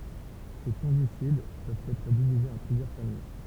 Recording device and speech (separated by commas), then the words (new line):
temple vibration pickup, read sentence
Ces fongicides peuvent être divisés en plusieurs familles.